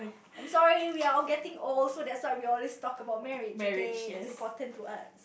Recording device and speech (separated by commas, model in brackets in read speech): boundary microphone, conversation in the same room